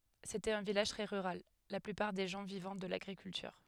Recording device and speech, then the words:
headset microphone, read sentence
C'était un village très rural, la plupart des gens vivant de l'agriculture.

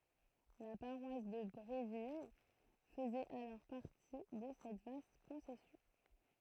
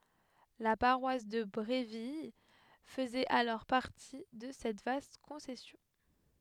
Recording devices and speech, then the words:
throat microphone, headset microphone, read sentence
La paroisse de Bréville faisait alors partie de cette vaste concession.

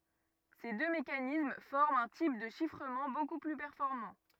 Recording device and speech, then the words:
rigid in-ear microphone, read sentence
Ces deux mécanismes forment un type de chiffrement beaucoup plus performant.

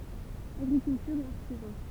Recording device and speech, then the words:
temple vibration pickup, read sentence
Agriculture et artisans.

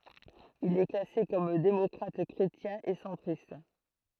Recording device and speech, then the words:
throat microphone, read sentence
Il est classé comme démocrate-chrétien et centriste.

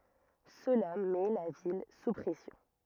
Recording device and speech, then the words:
rigid in-ear microphone, read sentence
Cela met la ville sous pression.

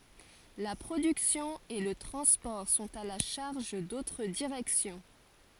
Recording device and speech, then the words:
forehead accelerometer, read sentence
La production et le transport sont à la charge d'autres directions.

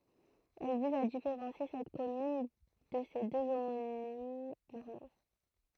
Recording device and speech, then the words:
throat microphone, read sentence
Elle vise à différencier cette commune de ses deux homonymes normands.

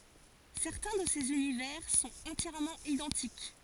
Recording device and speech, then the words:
forehead accelerometer, read sentence
Certains de ces univers sont entièrement identiques.

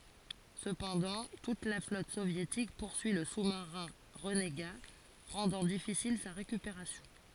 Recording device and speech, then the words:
forehead accelerometer, read sentence
Cependant, toute la flotte soviétique poursuit le sous-marin renégat, rendant difficile sa récupération.

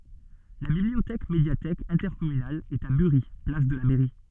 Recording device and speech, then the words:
soft in-ear microphone, read sentence
La bibliothèque médiathèque intercommunale est à Burie, place de la Mairie.

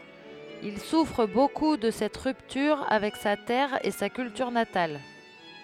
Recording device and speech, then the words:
headset microphone, read sentence
Il souffre beaucoup de cette rupture avec sa terre et sa culture natale.

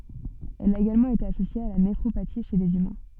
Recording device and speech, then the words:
soft in-ear microphone, read sentence
Elle a également été associée à la néphropathie chez les humains.

